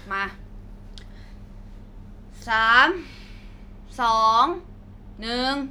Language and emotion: Thai, frustrated